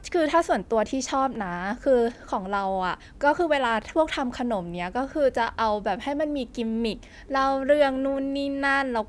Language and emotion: Thai, happy